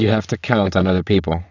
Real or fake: fake